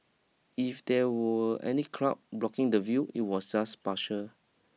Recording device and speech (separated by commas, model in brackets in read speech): mobile phone (iPhone 6), read sentence